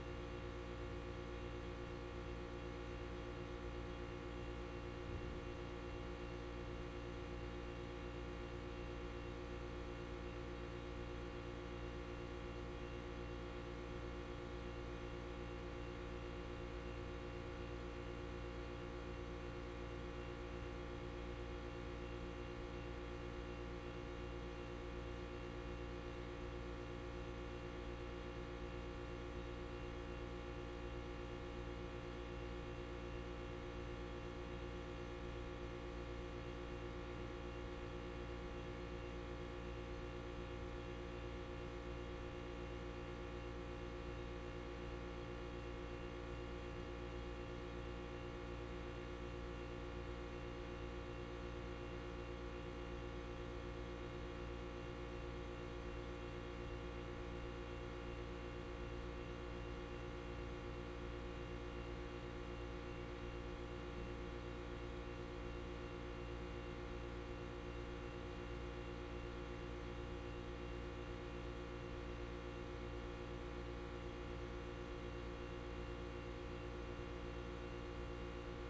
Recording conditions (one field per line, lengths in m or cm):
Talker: no one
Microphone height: 1.1 m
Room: very reverberant, large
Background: none